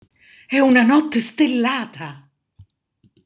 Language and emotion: Italian, surprised